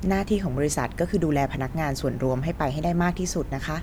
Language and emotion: Thai, neutral